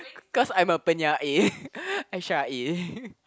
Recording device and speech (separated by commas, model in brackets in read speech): close-talking microphone, conversation in the same room